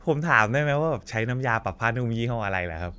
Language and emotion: Thai, happy